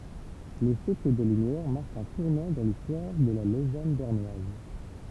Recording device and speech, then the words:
temple vibration pickup, read sentence
Le siècle des Lumières marque un tournant dans l'histoire de la Lausanne bernoise.

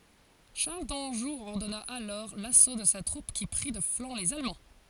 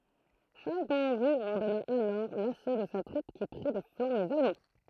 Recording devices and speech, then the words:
forehead accelerometer, throat microphone, read sentence
Charles d'Anjou ordonna alors l'assaut de sa troupe qui prit de flanc les Allemands.

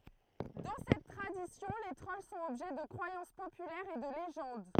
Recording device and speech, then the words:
throat microphone, read sentence
Dans cette tradition, les trolls sont objets de croyances populaires et de légendes.

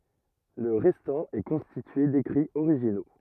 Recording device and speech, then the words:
rigid in-ear microphone, read sentence
Le restant est constitué d'écrits originaux.

